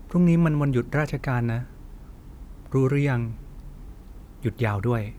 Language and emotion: Thai, neutral